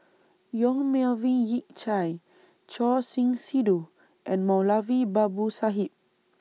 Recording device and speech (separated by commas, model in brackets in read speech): mobile phone (iPhone 6), read sentence